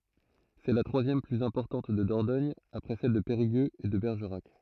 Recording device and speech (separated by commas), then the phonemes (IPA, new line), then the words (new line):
throat microphone, read sentence
sɛ la tʁwazjɛm plyz ɛ̃pɔʁtɑ̃t də dɔʁdɔɲ apʁɛ sɛl də peʁiɡøz e də bɛʁʒəʁak
C'est la troisième plus importante de Dordogne après celles de Périgueux et de Bergerac.